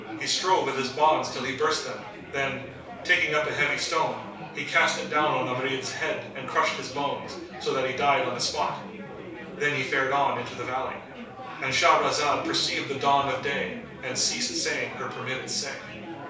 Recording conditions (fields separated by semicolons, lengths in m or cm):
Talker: one person; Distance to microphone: 3.0 m; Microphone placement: far; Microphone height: 1.8 m; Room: small (3.7 m by 2.7 m); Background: babble